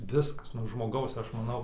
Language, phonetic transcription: Lithuanian, ˈviskas nuo žmoˈgaus ˈaš maˈnau

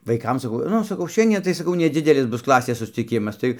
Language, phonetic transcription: Lithuanian, vaiˈkam saˈkau ˈnu saˈkau ˈšiandie tai saˈkau neˈdzidelis ˈbus ˈklasės susciˈkimas ˈtai

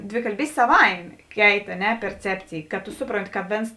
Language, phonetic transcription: Lithuanian, dvikalˈbystė saˈvaimė ˈkeit a ˈne perˈcepcėj kad tu ˈsupronˌti ka ˈvėns

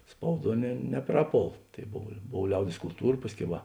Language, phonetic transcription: Lithuanian, ˈspauˌduo ne neˈpraˌpol tai ˈbov ˈbov ˈliaudės kulˈtūra ˈpasˌkiau ˈva

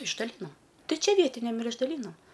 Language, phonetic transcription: Lithuanian, išdaˈlynom ˈtai ˈčia ˈvietiniam ir išdaˈlynom

